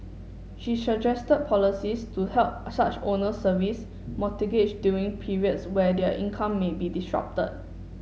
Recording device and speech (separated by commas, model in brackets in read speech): mobile phone (Samsung S8), read sentence